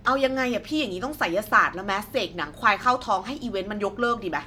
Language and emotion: Thai, angry